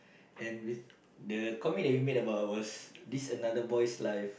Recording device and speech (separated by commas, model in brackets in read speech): boundary microphone, conversation in the same room